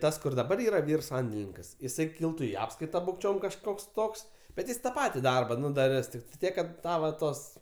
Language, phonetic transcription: Lithuanian, ˈtas kur daˈbar ˈyra ˈvyr ˈsandelininkas iˈsai ˈkiltu i ˈapskaita bukˈčiom kažˈkoks ˈtoks bet ˈjis ta ˈpati ˈdarba ˈnu daˈris tiktai ˈtiek kad ˈta va ˈtos

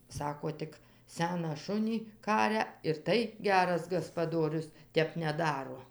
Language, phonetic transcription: Lithuanian, ˈsako ˈtik ˈseną ˈšunį ˈkaria ir ˈtai ˈgeras gaspaˈdorius ˈtep neˈdaro

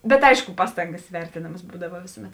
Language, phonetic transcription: Lithuanian, bet ˈaišku ˈpastangas ˈvertėnamas ˈbūdava ˈvėsuˌmet

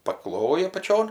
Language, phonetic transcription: Lithuanian, paˈkloji apaˈčion

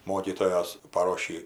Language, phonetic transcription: Lithuanian, ˈmokytojos paˈrošį

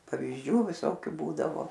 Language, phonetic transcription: Lithuanian, pavyzˈdžių viˈsokiu ˈbūdavo

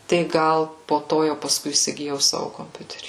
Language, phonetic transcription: Lithuanian, tai ˈgal po ˈto jau paˈskui įsigiˈjau ˈsavu komˈpiuterį

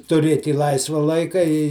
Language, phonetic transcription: Lithuanian, tuˈrėt' i ˈlaisva ˈlaika i

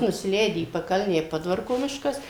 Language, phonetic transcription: Lithuanian, nusiˈleidi į paˈkalnę i ˈpodvarko ˈmiškas

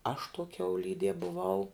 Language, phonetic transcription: Lithuanian, aš tuo kiauˈlydie buˈvau

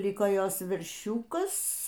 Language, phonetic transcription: Lithuanian, ˈliko ˈjos verˈšiūkas

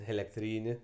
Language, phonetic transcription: Lithuanian, elekˈtryni

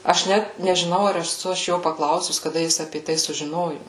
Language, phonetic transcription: Lithuanian, aš ˈnæt nežiˈnau ar eˈsu aš ˈjo paˈklausus kaˈda ˈjis apė ˈtai sužiˈnoju

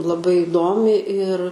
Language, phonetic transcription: Lithuanian, laˈbai iˈdomi ir

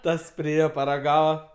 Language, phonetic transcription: Lithuanian, ˈtas priˈėje paraˈgava

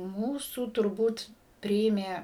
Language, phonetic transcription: Lithuanian, ˈmūsų turˈbūt ˈpriėmė

